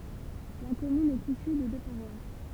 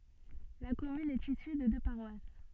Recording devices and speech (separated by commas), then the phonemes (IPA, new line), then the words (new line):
temple vibration pickup, soft in-ear microphone, read sentence
la kɔmyn ɛt isy də dø paʁwas
La commune est issue de deux paroisses.